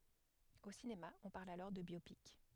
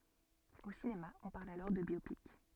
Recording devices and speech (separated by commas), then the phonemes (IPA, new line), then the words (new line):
headset microphone, soft in-ear microphone, read sentence
o sinema ɔ̃ paʁl alɔʁ də bjopik
Au cinéma, on parle alors de biopic.